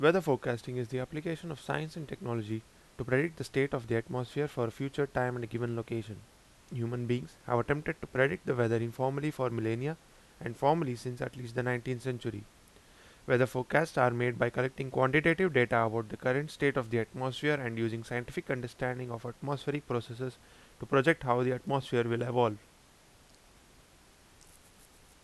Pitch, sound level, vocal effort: 125 Hz, 85 dB SPL, loud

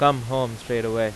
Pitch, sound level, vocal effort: 120 Hz, 93 dB SPL, loud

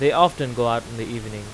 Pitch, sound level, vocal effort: 115 Hz, 93 dB SPL, loud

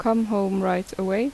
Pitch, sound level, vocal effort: 195 Hz, 81 dB SPL, normal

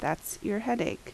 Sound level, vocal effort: 76 dB SPL, normal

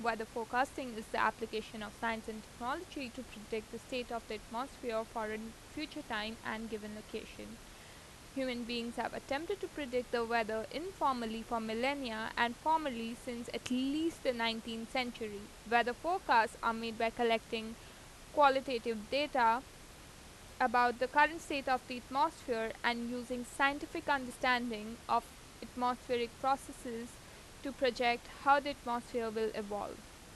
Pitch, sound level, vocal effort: 240 Hz, 87 dB SPL, normal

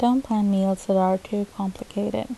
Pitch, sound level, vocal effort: 205 Hz, 76 dB SPL, soft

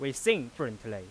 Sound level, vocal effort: 94 dB SPL, very loud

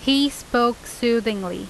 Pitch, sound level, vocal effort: 240 Hz, 88 dB SPL, loud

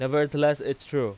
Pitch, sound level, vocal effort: 145 Hz, 95 dB SPL, very loud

